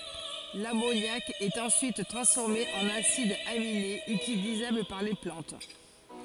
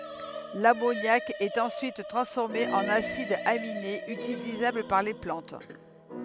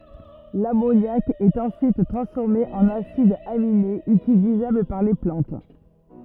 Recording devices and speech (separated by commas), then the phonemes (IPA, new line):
forehead accelerometer, headset microphone, rigid in-ear microphone, read sentence
lamonjak ɛt ɑ̃syit tʁɑ̃sfɔʁme ɑ̃n asidz aminez ytilizabl paʁ le plɑ̃t